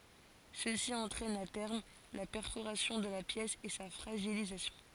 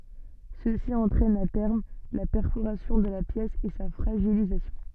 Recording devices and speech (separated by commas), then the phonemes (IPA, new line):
forehead accelerometer, soft in-ear microphone, read sentence
səsi ɑ̃tʁɛn a tɛʁm la pɛʁfoʁasjɔ̃ də la pjɛs e sa fʁaʒilizasjɔ̃